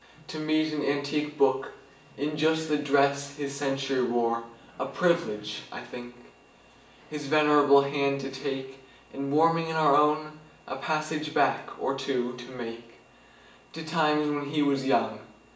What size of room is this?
A large room.